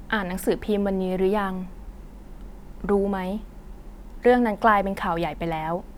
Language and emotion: Thai, neutral